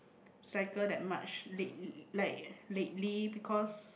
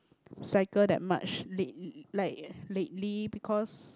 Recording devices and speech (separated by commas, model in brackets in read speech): boundary microphone, close-talking microphone, conversation in the same room